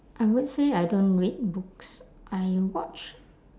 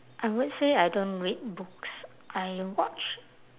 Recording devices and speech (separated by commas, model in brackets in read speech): standing microphone, telephone, conversation in separate rooms